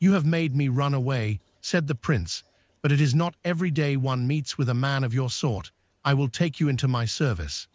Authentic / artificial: artificial